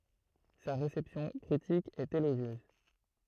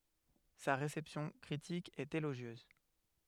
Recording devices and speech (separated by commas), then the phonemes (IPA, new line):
throat microphone, headset microphone, read sentence
sa ʁesɛpsjɔ̃ kʁitik ɛt eloʒjøz